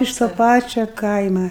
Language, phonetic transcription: Lithuanian, iš to ˈpačio ˈkaima

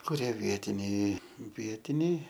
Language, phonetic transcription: Lithuanian, kuˈrie ˈvietiniai ˈvietiniai

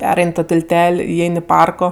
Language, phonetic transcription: Lithuanian, ˈperain' to tilˈtel' iˈein' i ˈparko

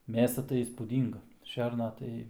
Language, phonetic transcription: Lithuanian, ˈmėsa tai įspūˈdynga ˈšerna tai

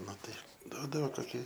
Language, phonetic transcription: Lithuanian, ˈnu tai ˈduodavo koˈki

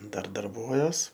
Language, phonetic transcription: Lithuanian, ˈdar darˈbuojuos

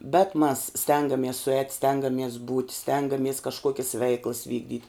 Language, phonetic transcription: Lithuanian, bet mas ˈstengamies suˈēt' ˈstengamies būt' ˈstengamies kažˈkuokis ˈveiklas ˈvykdyt'

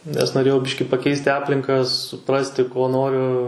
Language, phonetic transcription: Lithuanian, nes noˈrėjau ˈbiški paˈkeisti ˈaplinka suˈprasti ko ˈnoriu

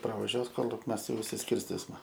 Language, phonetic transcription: Lithuanian, pravaˈžiuos ˈkolik ˈmes ˈjau išsisˈkirstisma

